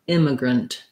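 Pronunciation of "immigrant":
'Immigrant' has a long, short, short rhythm: the first syllable is long and stressed, and the last two are short, with almost no vowel in the last syllable.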